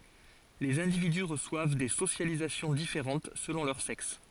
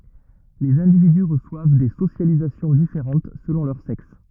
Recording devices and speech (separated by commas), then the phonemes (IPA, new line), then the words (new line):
forehead accelerometer, rigid in-ear microphone, read sentence
lez ɛ̃dividy ʁəswav de sosjalizasjɔ̃ difeʁɑ̃t səlɔ̃ lœʁ sɛks
Les individus reçoivent des socialisations différentes selon leur sexe.